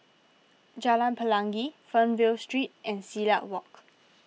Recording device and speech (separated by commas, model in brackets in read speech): mobile phone (iPhone 6), read sentence